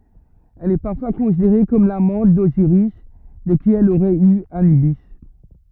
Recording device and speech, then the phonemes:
rigid in-ear microphone, read sentence
ɛl ɛ paʁfwa kɔ̃sideʁe kɔm lamɑ̃t doziʁis də ki ɛl oʁɛt y anybi

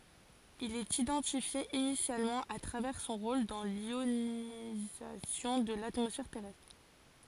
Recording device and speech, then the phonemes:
forehead accelerometer, read sentence
il ɛt idɑ̃tifje inisjalmɑ̃ a tʁavɛʁ sɔ̃ ʁol dɑ̃ ljonizasjɔ̃ də latmɔsfɛʁ tɛʁɛstʁ

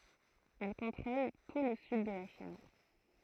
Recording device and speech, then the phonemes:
throat microphone, read sentence
ɛl kɔ̃tʁol tu lə syd də la ʃin

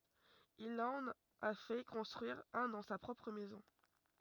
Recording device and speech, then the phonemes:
rigid in-ear microphone, read sentence
il ɑ̃n a fɛ kɔ̃stʁyiʁ œ̃ dɑ̃ sa pʁɔpʁ mɛzɔ̃

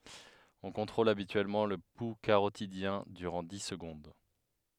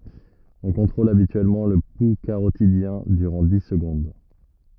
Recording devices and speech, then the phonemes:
headset microphone, rigid in-ear microphone, read sentence
ɔ̃ kɔ̃tʁol abityɛlmɑ̃ lə pu kaʁotidjɛ̃ dyʁɑ̃ di səɡɔ̃d

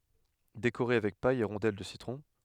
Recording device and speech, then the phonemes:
headset microphone, read sentence
dekoʁe avɛk paj e ʁɔ̃dɛl də sitʁɔ̃

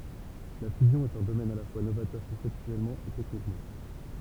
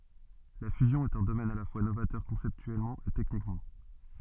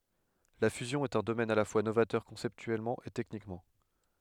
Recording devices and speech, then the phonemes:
temple vibration pickup, soft in-ear microphone, headset microphone, read sentence
la fyzjɔ̃ ɛt œ̃ domɛn a la fwa novatœʁ kɔ̃sɛptyɛlmɑ̃ e tɛknikmɑ̃

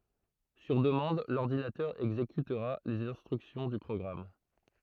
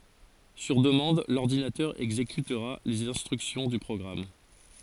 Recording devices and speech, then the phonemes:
throat microphone, forehead accelerometer, read sentence
syʁ dəmɑ̃d lɔʁdinatœʁ ɛɡzekytʁa lez ɛ̃stʁyksjɔ̃ dy pʁɔɡʁam

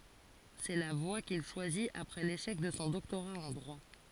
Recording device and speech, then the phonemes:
forehead accelerometer, read sentence
sɛ la vwa kil ʃwazit apʁɛ leʃɛk də sɔ̃ dɔktoʁa ɑ̃ dʁwa

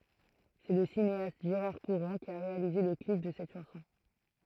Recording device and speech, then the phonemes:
throat microphone, read sentence
sɛ lə sineast ʒeʁaʁ kuʁɑ̃ ki a ʁealize lə klip də sɛt ʃɑ̃sɔ̃

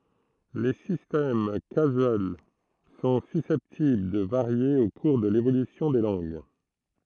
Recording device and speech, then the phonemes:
throat microphone, read sentence
le sistɛm kazyɛl sɔ̃ sysɛptibl də vaʁje o kuʁ də levolysjɔ̃ de lɑ̃ɡ

